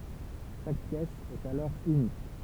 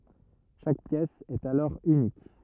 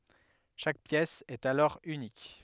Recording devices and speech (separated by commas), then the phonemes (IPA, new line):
temple vibration pickup, rigid in-ear microphone, headset microphone, read sentence
ʃak pjɛs ɛt alɔʁ ynik